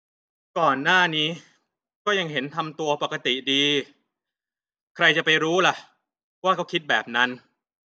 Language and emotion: Thai, frustrated